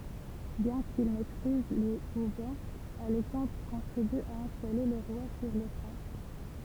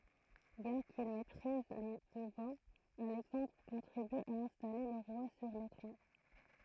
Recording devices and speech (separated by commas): temple vibration pickup, throat microphone, read sentence